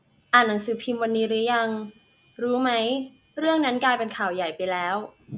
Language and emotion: Thai, neutral